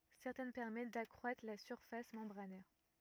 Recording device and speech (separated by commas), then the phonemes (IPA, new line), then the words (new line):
rigid in-ear microphone, read sentence
sɛʁtɛn pɛʁmɛt dakʁwatʁ la syʁfas mɑ̃bʁanɛʁ
Certaines permettent d'accroître la surface membranaire.